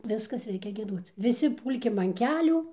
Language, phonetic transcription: Lithuanian, ˈviskas ˈreikia gieˈduoc viˈsi ˈpūlkim an ˈkelių

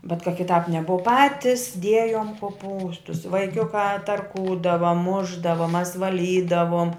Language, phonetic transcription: Lithuanian, bet ka kiˈtāp neˈbov ˈpatis ˈdiejom koˈpūstus vaiˈkiukā tarˈkūdava ˈmušdava mas vaˈlydavom

